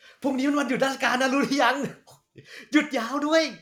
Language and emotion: Thai, happy